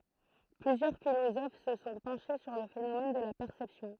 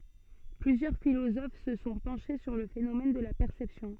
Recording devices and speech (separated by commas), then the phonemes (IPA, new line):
throat microphone, soft in-ear microphone, read sentence
plyzjœʁ filozof sə sɔ̃ pɑ̃ʃe syʁ lə fenomɛn də la pɛʁsɛpsjɔ̃